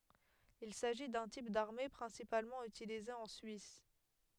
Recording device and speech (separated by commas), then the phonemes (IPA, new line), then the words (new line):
headset microphone, read sentence
il saʒi dœ̃ tip daʁme pʁɛ̃sipalmɑ̃ ytilize ɑ̃ syis
Il s'agit d'un type d'armées principalement utilisé en Suisse.